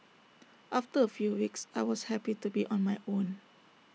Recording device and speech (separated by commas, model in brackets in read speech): mobile phone (iPhone 6), read sentence